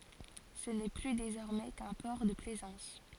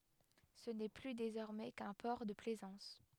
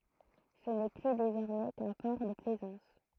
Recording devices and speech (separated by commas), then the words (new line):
forehead accelerometer, headset microphone, throat microphone, read sentence
Ce n'est plus désormais qu'un port de plaisance.